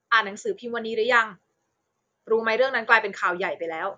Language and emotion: Thai, neutral